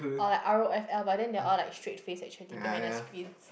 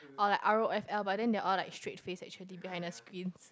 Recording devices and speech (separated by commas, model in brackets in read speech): boundary microphone, close-talking microphone, conversation in the same room